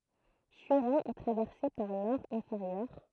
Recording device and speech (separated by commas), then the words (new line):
throat microphone, read sentence
Surrain est traversée par l'Aure inférieure.